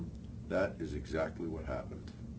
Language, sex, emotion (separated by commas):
English, male, neutral